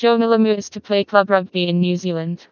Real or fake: fake